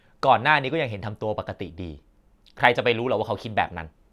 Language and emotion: Thai, frustrated